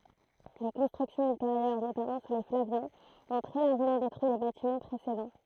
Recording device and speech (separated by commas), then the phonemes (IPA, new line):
throat microphone, read sentence
le kɔ̃stʁyksjɔ̃z ylteʁjœʁ notamɑ̃ su le flavjɛ̃z ɔ̃ tʁɛ laʁʒəmɑ̃ detʁyi le batimɑ̃ pʁesedɑ̃